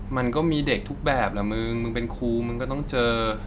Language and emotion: Thai, frustrated